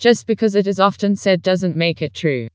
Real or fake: fake